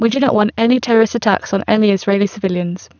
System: VC, spectral filtering